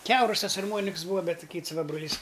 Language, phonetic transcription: Lithuanian, ˈkiaurus ˈtas arˈmuoniks ˈbūva ˈbet ˈkits ˈva broˈlys

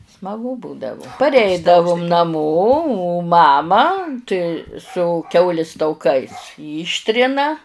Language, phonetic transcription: Lithuanian, smaˈgu ˈbūdavu parˈeidavum naˈmo o ˈmama tai su ˈkiaulis tauˈkais ˈyštrina

